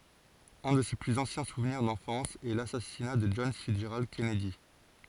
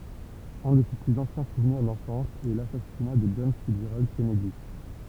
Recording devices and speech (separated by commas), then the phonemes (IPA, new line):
forehead accelerometer, temple vibration pickup, read sentence
œ̃ də se plyz ɑ̃sjɛ̃ suvniʁ dɑ̃fɑ̃s ɛ lasasina də dʒɔn fitsʒʁald kɛnɛdi